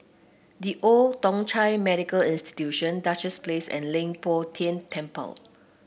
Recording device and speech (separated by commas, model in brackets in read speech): boundary microphone (BM630), read sentence